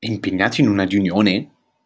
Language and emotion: Italian, surprised